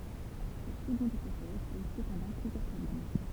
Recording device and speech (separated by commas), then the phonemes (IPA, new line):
temple vibration pickup, read sentence
sɛt səɡɔ̃d ipotɛz pɔz səpɑ̃dɑ̃ plyzjœʁ pʁɔblɛm